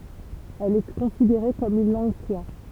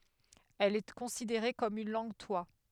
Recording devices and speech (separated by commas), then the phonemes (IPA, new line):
temple vibration pickup, headset microphone, read sentence
ɛl ɛ kɔ̃sideʁe kɔm yn lɑ̃ɡtwa